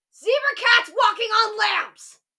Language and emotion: English, angry